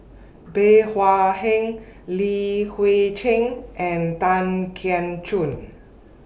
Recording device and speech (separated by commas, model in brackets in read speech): boundary microphone (BM630), read sentence